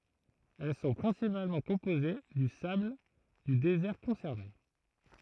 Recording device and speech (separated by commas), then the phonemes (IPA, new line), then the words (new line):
throat microphone, read sentence
ɛl sɔ̃ pʁɛ̃sipalmɑ̃ kɔ̃poze dy sabl dy dezɛʁ kɔ̃sɛʁne
Elles sont principalement composées du sable du désert concerné.